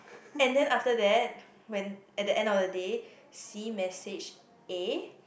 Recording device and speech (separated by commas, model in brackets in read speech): boundary microphone, conversation in the same room